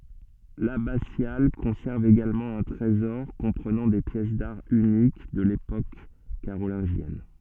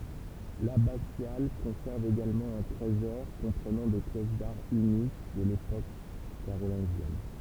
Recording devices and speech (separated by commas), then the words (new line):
soft in-ear microphone, temple vibration pickup, read sentence
L'abbatiale conserve également un trésor comprenant des pièces d'art uniques de l'époque carolingienne.